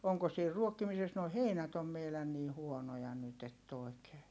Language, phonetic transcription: Finnish, oŋko siir ruokkimises - noi heinät ‿om meilän nii huonoja nyt ‿ett ‿òi̮kee .
- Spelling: onko siinä ruokkimisessa nuo heinät on meidän niin huonoja nyt että oikein

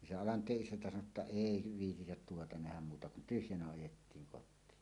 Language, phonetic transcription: Finnish, ni se "Alant̀eeˀ 'ˀisäntä sano ‿tta » "èi 'viitität 'tuota 'nähäm « muuta kun "tyhjänä "ajettiiŋ 'kot̆tiin .
- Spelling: niin se Alanteen isäntä sanoi jotta ei viitsitä tuota nähdä muuta kun tyhjänä ajettiin kotiin

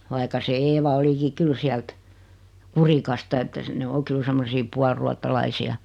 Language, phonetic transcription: Finnish, vaika se 'Eeva oliki 'kyl siält , 'Kurikasta että se ne 'o 'kyl semmosii 'pualruattalaisi₍a .
- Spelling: vaikka se Eeva olikin kyllä sieltä Kurikasta että se ne on kyllä semmoisia puoliruotsalaisia

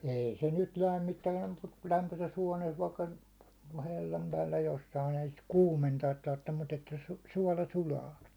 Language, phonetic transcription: Finnish, 'ei se nyt "lämmittää mut kul lämpöses 'huånees vaikka , 'hellam päällä jossain ‿ei sit "kuumentaat 'tarttem mut ‿että su- , 'suåla 'sulaa .
- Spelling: ei se nyt lämmittää mutta kun lämpöisessä huoneessa vaikka hellan päällä jossakin ei sitä kuumentaa tarvitse mutta että - suola sulaa

